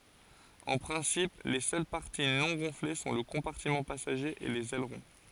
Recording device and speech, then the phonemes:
forehead accelerometer, read sentence
ɑ̃ pʁɛ̃sip le sœl paʁti nɔ̃ ɡɔ̃fle sɔ̃ lə kɔ̃paʁtimɑ̃ pasaʒe e lez ɛlʁɔ̃

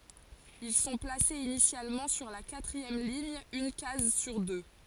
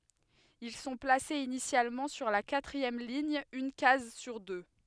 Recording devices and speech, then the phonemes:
forehead accelerometer, headset microphone, read sentence
il sɔ̃ plasez inisjalmɑ̃ syʁ la katʁiɛm liɲ yn kaz syʁ dø

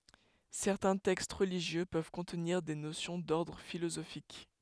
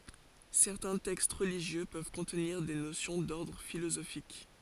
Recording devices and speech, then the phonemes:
headset microphone, forehead accelerometer, read sentence
sɛʁtɛ̃ tɛkst ʁəliʒjø pøv kɔ̃tniʁ de nosjɔ̃ dɔʁdʁ filozofik

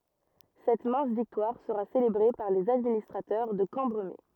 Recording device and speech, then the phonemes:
rigid in-ear microphone, read sentence
sɛt mɛ̃s viktwaʁ səʁa selebʁe paʁ lez administʁatœʁ də kɑ̃bʁəme

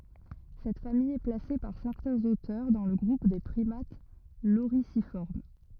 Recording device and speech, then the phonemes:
rigid in-ear microphone, read sentence
sɛt famij ɛ plase paʁ sɛʁtɛ̃z otœʁ dɑ̃ lə ɡʁup de pʁimat loʁizifɔʁm

